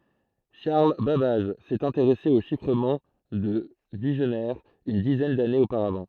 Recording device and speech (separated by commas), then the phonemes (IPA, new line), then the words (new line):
throat microphone, read sentence
ʃaʁl babaʒ sɛt ɛ̃teʁɛse o ʃifʁəmɑ̃ də viʒnɛʁ yn dizɛn danez opaʁavɑ̃
Charles Babbage s'est intéressé au chiffrement de Vigenère une dizaine d'années auparavant.